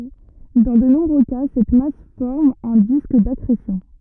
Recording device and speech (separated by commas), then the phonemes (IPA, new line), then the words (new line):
rigid in-ear microphone, read sentence
dɑ̃ də nɔ̃bʁø ka sɛt mas fɔʁm œ̃ disk dakʁesjɔ̃
Dans de nombreux cas, cette masse forme un disque d'accrétion.